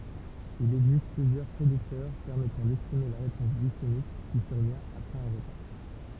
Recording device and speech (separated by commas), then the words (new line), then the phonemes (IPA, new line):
temple vibration pickup, read sentence
Il existe plusieurs prédicteurs permettant d’estimer la réponse glycémique qui survient après un repas.
il ɛɡzist plyzjœʁ pʁediktœʁ pɛʁmɛtɑ̃ dɛstime la ʁepɔ̃s ɡlisemik ki syʁvjɛ̃t apʁɛz œ̃ ʁəpa